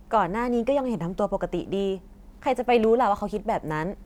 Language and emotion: Thai, frustrated